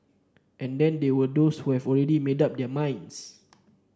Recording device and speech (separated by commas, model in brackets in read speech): standing microphone (AKG C214), read sentence